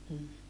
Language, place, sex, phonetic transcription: Finnish, Saarijärvi, female, m̥ .
- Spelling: mm

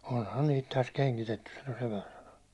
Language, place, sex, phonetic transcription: Finnish, Hollola, male, » onhan 'niit täs 'keŋkitettys « sano sepän sanonɪᴇ .
- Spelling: onhan niitä tässä kengitetty sanoi sepän sanoneen

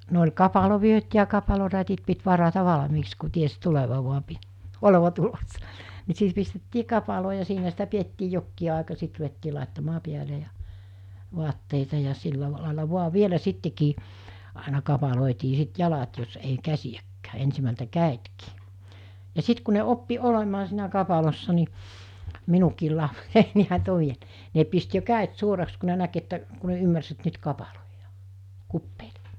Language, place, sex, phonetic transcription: Finnish, Mikkeli, female, no oĺ 'kapalo'vyöt ja 'kapalorätit pit 'varata 'valᵃmiiks ku 'ties 'tuleva vua pi- , 'oleva 'tulossa , ni 'sit pistettii 'kapaloo ja 'siinä sitä 'piettii jokkii àeka 'sit ruvettii làettamaa 'piäle ja , 'voatteita ja 'silla làela voa 'vielä 'sittekii , àena 'kapalòetii 'sit 'jalat jos ei 'käsijäkkää , 'ensimältä "kä̀etkii , ja 'sit ku ne 'oppi 'olemaa siinä 'kapalossa ni , 'minukiil lapsei ne pist jo 'kä̀et 'suoraks ku ne näk että , ku ne 'ymmärs et 'nyt 'kapaloijᴀᴀ , 'kuppei(le) .
- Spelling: no oli kapalovyöt ja kapalorätit piti varata valmiiksi kun tiesi tulevan vain - olevan tulossa niin sitten pistettiin kapaloon ja siinä sitä pidettiin jokin aika sitten ruvettiin laittamaan päälle ja vaatteita ja sillä lailla vain vielä sittenkin aina kapaloitiin sitten jalat jos ei käsiäkään ensimmältä kädetkin ja sitten kun ne oppi olemaan siinä kapalossa niin minunkin lapseni ne pisti jo kädet suoraksi kun ne näki että kun ne ymmärsi että nyt kapaloidaan kupeille

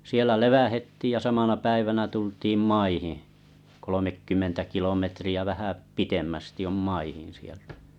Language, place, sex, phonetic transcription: Finnish, Kalajoki, male, sielä 'levähettiij ja 'samana 'päivänä 'tult̀iim "maihiḭ , 'kolomekkymmentä 'kilometri₍ä vähä 'pitemmästi om "maihin̬ sieltᴀ̈ .
- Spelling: siellä levähdettiin ja samana päivänä tultiin maihin kolmekymmentä kilometriä vähän pitemmästi on maihin sieltä

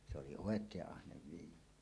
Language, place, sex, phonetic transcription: Finnish, Suomussalmi, male, se oli "òek̀eeˀ "ˀahnev 'viinalle .
- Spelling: se oli oikein ahne viinalle

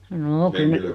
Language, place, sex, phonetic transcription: Finnish, Noormarkku, female, 'noo 'kyl ne ...
- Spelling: no kyllä ne

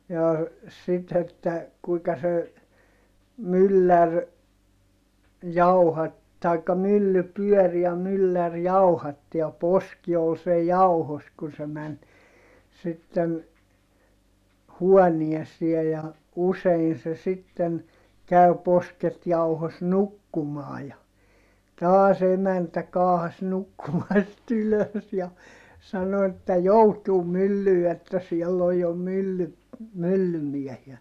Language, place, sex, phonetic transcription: Finnish, Heinola, male, jaa , sit että , kuika se , myllär , jauhat- , taikka mylly pyɔ̈̀r ja myllär jauhatti ja poski ol sej jauhos kun se män , sitten , huɔniesiej ja , usein se sitten , käy̬ posket jauhos nukkumaa ja , taas ‿emäntä kaahas nukkumast ‿ylös ja , sano että » joutuum myllyy että siɛll ‿oj jo mylly- , myllymiɛhiä ! »
- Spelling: jaa sitten että kuinka se mylläri - tai mylly pyöri ja mylläri jauhatti ja poski oli sen jauhossa kun se meni sitten huoneeseen ja usein se sitten kävi posket jauhossa nukkumaan ja taas emäntä kaahasi nukkumasta ylös ja sanoi että joutuin myllyyn että siellä oli jo - myllymiehiä

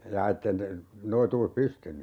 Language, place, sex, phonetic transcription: Finnish, Urjala, male, 'jaa ettei (niitte) , 'noituus "pystyny ?
- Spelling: jaa että ei niiden noituus pystynyt

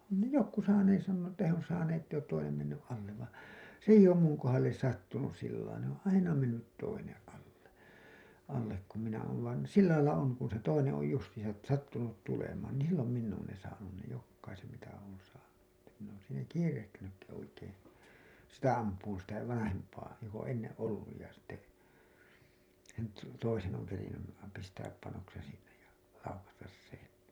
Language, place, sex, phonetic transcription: Finnish, Hailuoto, male, on ne "jokku 'saanees sannoo että he on saanee ‿tteij ‿oot toinem menny’ ’allev và , 's ‿eij ‿oom muŋ kohalles sattunus sill§lai ne ‿oo̰ "aina 'mennyt 'toineḛ alle , allek kum minä oon̬ , vain̬ "sillailla oŋ kun se 'toineḛ oj justiisat§ , 'sattunut tulemaan nii 'sillom minn ‿oon ne saanun ne 'jokkaisem mitä oon saanu , ᴱttä min̆n ‿oon siinä "kiirehtinykki oikeen̬ , "sitä amp̀uun sitä , "vanahemp̀aa , jok ‿oo̰ 'enneḛ '’olluj ja sitte , sen to- , 'toisen oŋ kerinnym§ , pistääp panoksen sinnej ja , 'laukastas 'sen .
- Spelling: on ne jotkut saaneet sanoa että he on saaneet että ei ole toinen mennyt alle vaan se ei ole minun kohdalle sattunut sillä lailla ne on aina mennyt toinen alle alle kun minä olen vain sillä lailla on kun se toinen on justiinsa sattunut tulemaan niin silloin minä olen ne saanut ne jokaisen mitä olen saanut että minä olen siinä kiirehtinytkin oikein sitä ampumaan sitä vanhempaa joka on ennen ollut ja sitten sen - toisen on kerinnyt pistää panoksen sinne ja laukaista sen

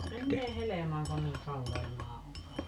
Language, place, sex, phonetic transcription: Finnish, Paavola, female, 'mennee "helemaaŋ 'kon niiŋ "kallellaa o ,.
- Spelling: menee helmaan kun niin kallellaan on

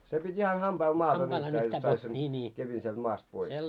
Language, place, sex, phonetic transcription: Finnish, Moloskovitsa, male, se pit́ ihan 'hamʙail 'maast nyhtää jot 'sait sen , 'kepin sielt 'maast pois .
- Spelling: se piti ihan hampailla maasta nyhtää jotta sait sen kepin sieltä maasta pois

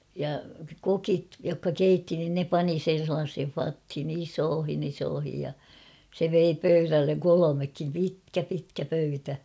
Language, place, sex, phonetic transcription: Finnish, Kauhava, female, ja "kokit jokka "keitti nin 'ne 'pani sen̬ sellaashen͕̬ 'fathin ‿"isoohin ‿'isoohij ja , se 'vei 'pöyrälleŋ "kolomekkim "pitkä 'pitkä pöytä .
- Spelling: ja kokit jotka keitti niin ne pani sen sellaiseen vatiin isoihin isoihin ja se vei pöydälle kolmekin pitkä pitkä pöytä

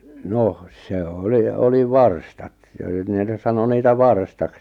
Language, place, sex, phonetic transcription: Finnish, Lappajärvi, male, 'noh , se 'oli 'oli "varstat , ja (nyt nè ni) 'sano 'niitä "varstaks .
- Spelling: no se oli oli varstat ja nyt ne niin sanoi niitä varstaksi

